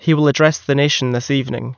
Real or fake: real